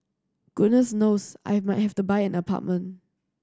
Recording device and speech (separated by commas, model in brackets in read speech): standing microphone (AKG C214), read sentence